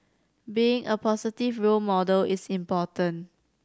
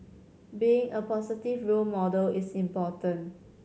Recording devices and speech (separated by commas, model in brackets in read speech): standing microphone (AKG C214), mobile phone (Samsung C7100), read sentence